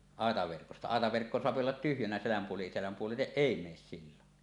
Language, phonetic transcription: Finnish, àetaverkosta , "àetaverkko 'soapi ollat tyhjänä seläm puoli- 'seläm "puoliteˀ "ˀèi mees sillon .
- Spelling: aitaverkosta aitaverkko saa olla tyhjänä selän - selän puolitse ei mene silloin

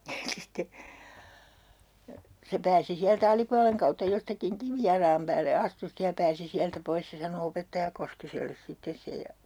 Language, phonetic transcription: Finnish, (ja) 'sitte , 'se pääsi siältä "alipualeŋ kautta 'jostakiŋ "kivijalaam päälle 'astu 'stej ja pääsi 'siältä 'pois 'se sano 'opettaja Koskiselles 'sittes sej ja ,.
- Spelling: ja sitten se pääsi sieltä alipuolen kautta jostakin kivijalan päälle astui sitten ja pääsi sieltä pois se sanoi opettaja Koskiselle sitten sen ja

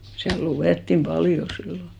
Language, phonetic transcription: Finnish, siäl 'luvèttim "paljo 'sillo .
- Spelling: siellä luettiin paljon silloin

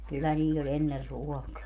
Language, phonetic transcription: Finnish, kyllä 'niiĺ ‿o'ĺ ‿enner "ruɔkaa .
- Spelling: kyllä niillä oli ennen ruokaa

